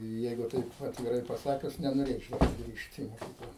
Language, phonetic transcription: Lithuanian, ˈjeigu ˈtaip atviˈrai paˈsakius nenoˈrėčiau suˈgrįžt i moˈkykla

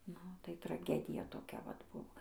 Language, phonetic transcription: Lithuanian, ˈnu tai traˈgedija toˈkia vat ˈbuvo

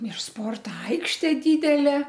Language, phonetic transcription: Lithuanian, ir ˈsporto ˈaikštė ˈdydelė

